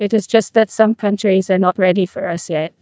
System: TTS, neural waveform model